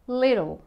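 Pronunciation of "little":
'Little' is said the American and Australian way, with the t said as a flapped D.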